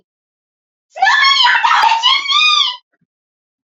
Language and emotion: English, happy